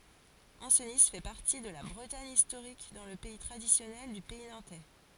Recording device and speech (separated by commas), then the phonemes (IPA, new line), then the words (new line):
forehead accelerometer, read sentence
ɑ̃sni fɛ paʁti də la bʁətaɲ istoʁik dɑ̃ lə pɛi tʁadisjɔnɛl dy pɛi nɑ̃tɛ
Ancenis fait partie de la Bretagne historique dans le pays traditionnel du Pays nantais.